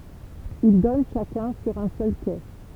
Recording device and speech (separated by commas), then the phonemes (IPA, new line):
temple vibration pickup, read sentence
il dɔn ʃakœ̃ syʁ œ̃ sœl ke